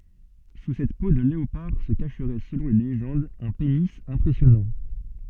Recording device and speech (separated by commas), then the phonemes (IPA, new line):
soft in-ear microphone, read sentence
su sɛt po də leopaʁ sə kaʃʁɛ səlɔ̃ le leʒɑ̃dz œ̃ peni ɛ̃pʁɛsjɔnɑ̃